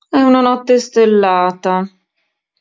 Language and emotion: Italian, sad